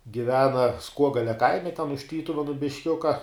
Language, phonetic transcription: Lithuanian, giˈvena ˈskuogalia ˈkaime ten už ˈtytuvenu bišˈkiuka

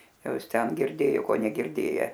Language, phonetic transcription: Lithuanian, ˈjau ˈis ˈten girˈdėjo ˈko negirˈdėje

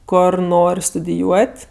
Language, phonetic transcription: Lithuanian, ˈkor ˈnor' studiˈjuot'

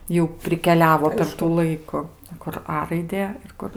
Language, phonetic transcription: Lithuanian, ˈjau prikeˈliavo per tų ˈlaiku kur ˈa raiˈdė ir ˈkur

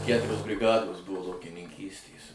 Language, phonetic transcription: Lithuanian, ˈkæturios briˈgados ˈbuvo laukininˈkystės

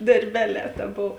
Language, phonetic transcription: Lithuanian, darˈbeˌlē ta ˈbov

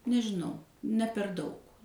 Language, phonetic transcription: Lithuanian, nežiˈnau ne per ˈdaug

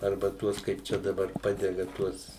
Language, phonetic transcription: Lithuanian, ˈarba ˈtuos kaip ˈčia daˈbar ˈpadega ˈtuos

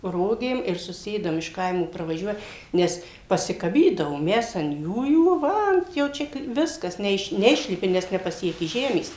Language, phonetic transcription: Lithuanian, ˈrogėm ir suˈsėdam iš ˈkaimo pravaˈžiuoja ˈnes pasikaˈbydavom ˈmes an ˈjųjų ˈva an jau ˈčia kai ˈviskas neˈiš neˈišlipi nes nepaˈsieki ˈžemės

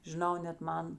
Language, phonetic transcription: Lithuanian, žiˈnau net ˈman

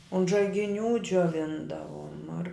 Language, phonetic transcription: Lithuanian, unt žaigiˈnių džioˈvindavuom ar

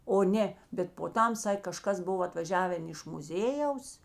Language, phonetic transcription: Lithuanian, o ˈnė bet po ˈtam ˈsak' kaˈžkas ˈbuv atvaˈžiaven iš muˈzėjaus

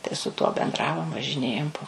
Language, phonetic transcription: Lithuanian, tai su ˈtuo benˈdravom važiˈnėjom po

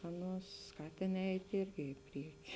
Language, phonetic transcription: Lithuanian, ˈaˌnuos ˈskatėn ˈeit' ˈirgi i ˈprieki

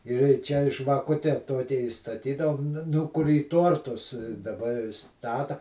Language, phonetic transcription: Lithuanian, ir į ˈčia žvaˈkute ˈtokia įstaˈtydavom ˈnu kur į ˈtortus daˈba iˈstata

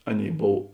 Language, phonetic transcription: Lithuanian, ˈaˌnėi ˈbov

